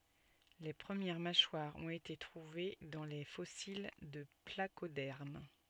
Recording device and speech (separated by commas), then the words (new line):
soft in-ear microphone, read sentence
Les premières mâchoires ont été trouvées dans les fossiles de placodermes.